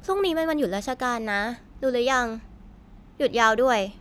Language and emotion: Thai, frustrated